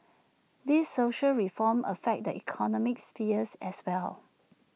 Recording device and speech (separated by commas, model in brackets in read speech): mobile phone (iPhone 6), read sentence